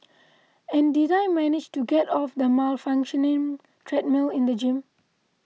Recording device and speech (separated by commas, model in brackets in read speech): mobile phone (iPhone 6), read sentence